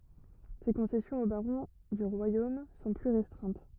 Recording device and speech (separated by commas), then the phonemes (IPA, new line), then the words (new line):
rigid in-ear microphone, read sentence
se kɔ̃sɛsjɔ̃z o baʁɔ̃ dy ʁwajom sɔ̃ ply ʁɛstʁɛ̃t
Ses concessions aux barons du royaume sont plus restreintes.